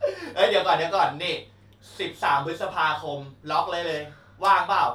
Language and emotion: Thai, happy